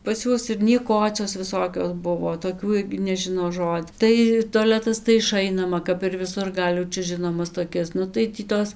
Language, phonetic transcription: Lithuanian, pas ˈjuos ir nieˈkocios viˈsokios ˈbuvo toˈkių ˈirgi neˈžino ˈžod' tai toˈletas tai iˈšainama kap ir viˈsur ˈgal' jau ˈčia ˈžinomas toˈkias ˈnu tai ˈtį ˈtos

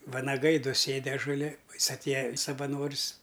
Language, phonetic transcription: Lithuanian, vanaˈgai ˈdu ˈsėdi ažuˈli o ˈjis atˈėja savaˈnors

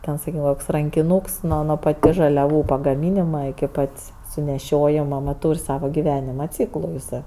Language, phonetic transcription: Lithuanian, ˈten saˈkykem koks rankiˈnūks ˈnuo nuo paˈtis žaliaˈvų pagaˈmynima iki ˈpat's' suneˈšiojima nu ˈtūr' ˈsava giˈvenima ˈcyklu jiˈsɜ

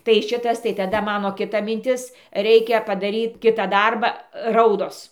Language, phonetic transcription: Lithuanian, tai ˈšitas tai taˈda ˈmano kiˈta minˈtis ˈreikia padaˈryt ˈkitą ˈdarbą ˈraudos

